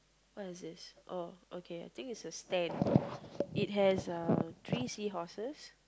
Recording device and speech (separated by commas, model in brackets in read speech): close-talking microphone, conversation in the same room